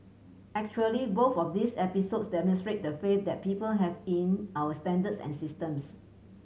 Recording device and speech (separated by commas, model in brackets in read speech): mobile phone (Samsung C7100), read sentence